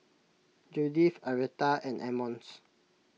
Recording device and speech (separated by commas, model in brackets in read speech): mobile phone (iPhone 6), read sentence